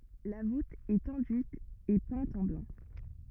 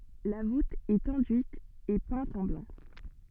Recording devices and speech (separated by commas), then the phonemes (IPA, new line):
rigid in-ear microphone, soft in-ear microphone, read sentence
la vut ɛt ɑ̃dyit e pɛ̃t ɑ̃ blɑ̃